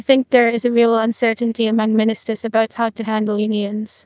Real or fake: fake